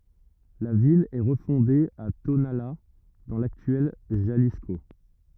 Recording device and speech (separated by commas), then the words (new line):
rigid in-ear microphone, read sentence
La ville est refondée à Tonalá dans l'actuel Jalisco.